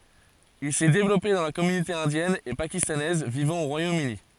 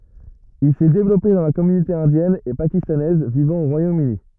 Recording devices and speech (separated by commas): forehead accelerometer, rigid in-ear microphone, read sentence